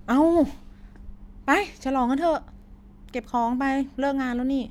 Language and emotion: Thai, frustrated